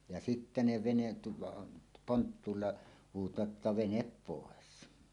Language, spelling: Finnish, ja sitten ne veneet tuolla on ponttuulla huutavat että vene pois
- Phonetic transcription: ja sittä ne venet (tuolla on) , 'ponttuulla , huut̀aat ’että » "venep 'pòes « .

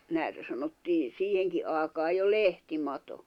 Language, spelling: Finnish, näitä sanottiin siihenkin aikaan jo lehtimato
- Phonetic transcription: 'nä̀itä sanottii , 'siiheŋki 'àikaaj jo "lehti'mato .

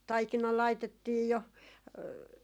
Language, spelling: Finnish, taikina laitettiin jo
- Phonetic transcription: "taikina 'laitettiij jo ,.

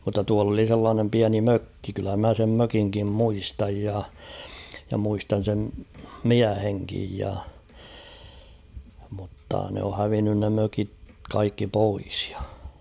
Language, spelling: Finnish, mutta tuolla oli sellainen pieni mökki kyllä minä sen mökinkin muistan ja ja muistan sen miehenkin ja mutta ne on hävinnyt ne mökit kaikki pois ja
- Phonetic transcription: mutta tual ‿oli sellaanem 'piäni "mökki kyllä mä sem 'mökiŋkim 'muistaj ja , ja muistan̬ sem "miäheŋkij ja , mutta ne o 'hävinnyn ne 'mökik 'kaikki "pois ᴊᴀ .

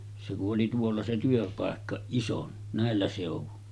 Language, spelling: Finnish, se kun oli tuolla se työpaikka ison näillä seuduin
- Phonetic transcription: se ku’ ’oli tuolla se 'työpàekka , 'ison nä̀ellä sèuvun .

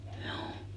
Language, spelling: Finnish, juu
- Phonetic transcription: 'hjouu .

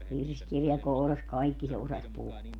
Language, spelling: Finnish, virsikirja kourassa kaikki se osasi puhua
- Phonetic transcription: 'virskirja kouras "kaikki se 'osaś 'puhua .

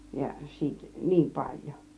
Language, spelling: Finnish, ja siitä niin paljon
- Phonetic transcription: ja siit , "niim 'paĺjO .

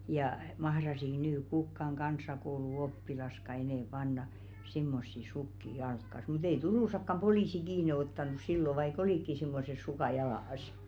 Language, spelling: Finnish, ja mahtaisivatko nyt kukaan kansakouluoppilaskaan enää panna semmoisia sukkia jalkaansa mutta ei Turussakaan poliisi kiinni ottanut silloin vaikka olikin semmoiset sukat jalassa
- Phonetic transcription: ja , 'mahrasik nyy 'kukkaŋ ɢans̀akoulu'oppilaska enɛ̀ panna , 'simmossi 'sukki "jalkkas mut ‿ei "Turùsakkam 'polìsi kiine 'ottanus sillo vai"k ‿olìkki simmoses 'sukà jalas .

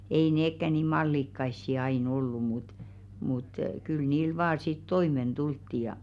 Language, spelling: Finnish, ei nekään niin mallikkaita aina ollut mutta mutta kyllä niillä vain sitten toimeen tultiin ja
- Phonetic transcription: ei 'neekkä nì "mallikkaissi ai'n ‿ollu mut , mut kyl 'niil vaa sit "toimen 'ᴅultti ja .

